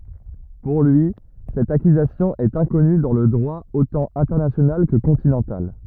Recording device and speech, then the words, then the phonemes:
rigid in-ear microphone, read sentence
Pour lui, cette accusation est inconnue dans le droit autant international que continental.
puʁ lyi sɛt akyzasjɔ̃ ɛt ɛ̃kɔny dɑ̃ lə dʁwa otɑ̃ ɛ̃tɛʁnasjonal kə kɔ̃tinɑ̃tal

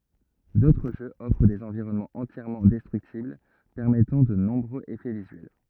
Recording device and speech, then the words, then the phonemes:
rigid in-ear microphone, read sentence
D'autres jeux offrent des environnements entièrement destructibles permettant de nombreux effets visuels.
dotʁ ʒøz ɔfʁ dez ɑ̃viʁɔnmɑ̃z ɑ̃tjɛʁmɑ̃ dɛstʁyktibl pɛʁmɛtɑ̃ də nɔ̃bʁøz efɛ vizyɛl

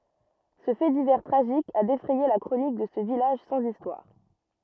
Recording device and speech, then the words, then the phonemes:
rigid in-ear microphone, read sentence
Ce fait divers tragique a défrayé la chronique de ce village sans histoires.
sə fɛ divɛʁ tʁaʒik a defʁɛje la kʁonik də sə vilaʒ sɑ̃z istwaʁ

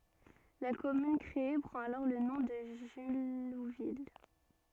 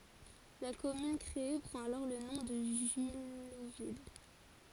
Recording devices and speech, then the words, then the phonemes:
soft in-ear microphone, forehead accelerometer, read sentence
La commune créée prend alors le nom de Jullouville.
la kɔmyn kʁee pʁɑ̃t alɔʁ lə nɔ̃ də ʒyluvil

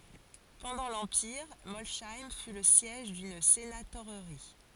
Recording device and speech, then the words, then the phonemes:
forehead accelerometer, read sentence
Pendant l'empire, Molsheim fut le siège d'une sénatorerie.
pɑ̃dɑ̃ lɑ̃piʁ mɔlʃɛm fy lə sjɛʒ dyn senatoʁʁi

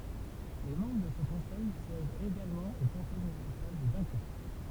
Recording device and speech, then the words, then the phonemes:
temple vibration pickup, read sentence
Les membres de ce conseil siègent également au conseil municipal de Dunkerque.
le mɑ̃bʁ də sə kɔ̃sɛj sjɛʒt eɡalmɑ̃ o kɔ̃sɛj mynisipal də dœ̃kɛʁk

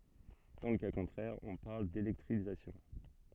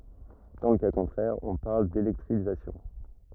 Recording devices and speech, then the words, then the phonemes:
soft in-ear microphone, rigid in-ear microphone, read sentence
Dans le cas contraire, on parle d'électrisation.
dɑ̃ lə ka kɔ̃tʁɛʁ ɔ̃ paʁl delɛktʁizasjɔ̃

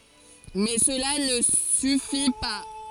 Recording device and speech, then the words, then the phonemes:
forehead accelerometer, read sentence
Mais cela ne suffit pas.
mɛ səla nə syfi pa

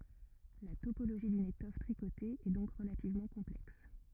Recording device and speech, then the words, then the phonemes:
rigid in-ear microphone, read sentence
La topologie d'une étoffe tricotée est donc relativement complexe.
la topoloʒi dyn etɔf tʁikote ɛ dɔ̃k ʁəlativmɑ̃ kɔ̃plɛks

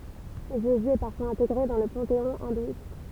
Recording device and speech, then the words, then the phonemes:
temple vibration pickup, read sentence
Jésus est parfois intégré dans le panthéon hindouiste.
ʒezy ɛ paʁfwaz ɛ̃teɡʁe dɑ̃ lə pɑ̃teɔ̃ ɛ̃dwist

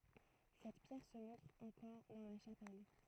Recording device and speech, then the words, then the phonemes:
throat microphone, read sentence
Cette pierre se montre encore dans la chapelle.
sɛt pjɛʁ sə mɔ̃tʁ ɑ̃kɔʁ dɑ̃ la ʃapɛl

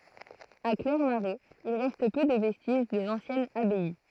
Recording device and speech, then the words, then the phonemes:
throat microphone, read sentence
À Clairmarais, il reste peu de vestiges de l'ancienne abbaye.
a klɛʁmaʁɛz il ʁɛst pø də vɛstiʒ də lɑ̃sjɛn abaj

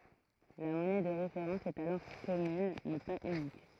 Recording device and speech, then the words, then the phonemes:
throat microphone, read sentence
La monnaie de référence est alors commune, mais pas unique.
la mɔnɛ də ʁefeʁɑ̃s ɛt alɔʁ kɔmyn mɛ paz ynik

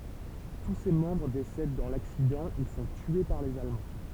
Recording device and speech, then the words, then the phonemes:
temple vibration pickup, read sentence
Tous ses membres décèdent dans l’accident ou sont tués par les Allemands.
tu se mɑ̃bʁ desɛd dɑ̃ laksidɑ̃ u sɔ̃ tye paʁ lez almɑ̃

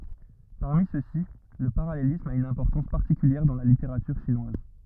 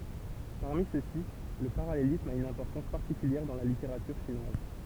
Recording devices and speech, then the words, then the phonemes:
rigid in-ear microphone, temple vibration pickup, read sentence
Parmi ceux-ci le parallélisme a une importance particulière dans la littérature chinoise.
paʁmi søksi lə paʁalelism a yn ɛ̃pɔʁtɑ̃s paʁtikyljɛʁ dɑ̃ la liteʁatyʁ ʃinwaz

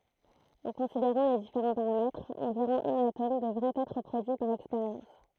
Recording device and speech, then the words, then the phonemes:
throat microphone, read sentence
En considérant les différents paramètres, environ un atome devrait être produit par expérience.
ɑ̃ kɔ̃sideʁɑ̃ le difeʁɑ̃ paʁamɛtʁz ɑ̃viʁɔ̃ œ̃n atom dəvʁɛt ɛtʁ pʁodyi paʁ ɛkspeʁjɑ̃s

